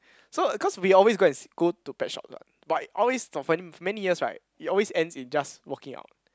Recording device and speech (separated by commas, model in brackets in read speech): close-talking microphone, conversation in the same room